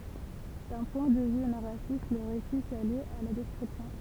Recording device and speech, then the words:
temple vibration pickup, read sentence
D'un point de vue narratif, le récit s'allie à la description.

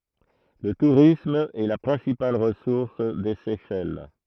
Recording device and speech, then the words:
throat microphone, read sentence
Le tourisme est la principale ressource des Seychelles.

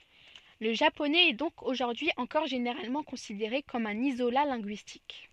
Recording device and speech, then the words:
soft in-ear microphone, read sentence
Le japonais est donc aujourd'hui encore généralement considéré comme un isolat linguistique.

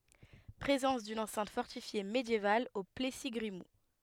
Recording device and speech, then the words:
headset microphone, read sentence
Présence d’une enceinte fortifiée médiévale au Plessis-Grimoult.

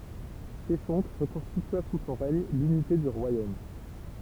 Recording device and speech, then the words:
temple vibration pickup, read sentence
Sheshonq reconstitua sous son règne l'unité du royaume.

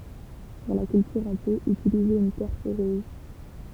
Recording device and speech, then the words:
temple vibration pickup, read sentence
Pour la culture en pot, utilisez une terre poreuse.

